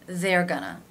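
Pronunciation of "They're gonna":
In 'They're gonna', there is no pause between the words. It all melts together, almost as if it were one longer word.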